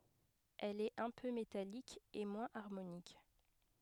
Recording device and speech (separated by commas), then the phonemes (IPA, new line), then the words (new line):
headset microphone, read sentence
ɛl ɛt œ̃ pø metalik e mwɛ̃z aʁmonik
Elle est un peu métallique et moins harmonique.